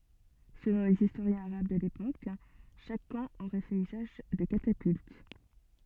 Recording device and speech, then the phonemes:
soft in-ear microphone, read sentence
səlɔ̃ lez istoʁjɛ̃z aʁab də lepok ʃak kɑ̃ oʁɛ fɛt yzaʒ də katapylt

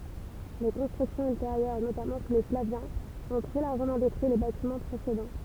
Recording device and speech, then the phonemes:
temple vibration pickup, read sentence
le kɔ̃stʁyksjɔ̃z ylteʁjœʁ notamɑ̃ su le flavjɛ̃z ɔ̃ tʁɛ laʁʒəmɑ̃ detʁyi le batimɑ̃ pʁesedɑ̃

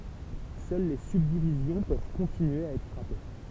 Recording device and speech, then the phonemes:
temple vibration pickup, read sentence
sœl le sybdivizjɔ̃ pøv kɔ̃tinye a ɛtʁ fʁape

